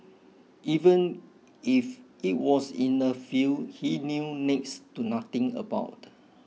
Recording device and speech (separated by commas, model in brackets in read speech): mobile phone (iPhone 6), read sentence